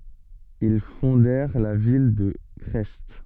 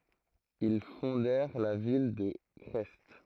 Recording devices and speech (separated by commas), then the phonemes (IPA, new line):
soft in-ear microphone, throat microphone, read sentence
il fɔ̃dɛʁ la vil də kʁɛst